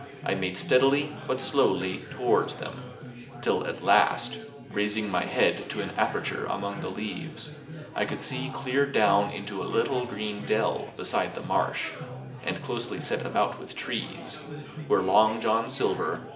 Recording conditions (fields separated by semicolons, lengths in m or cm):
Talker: one person; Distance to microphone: 1.8 m; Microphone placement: close; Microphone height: 1.0 m; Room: large; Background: babble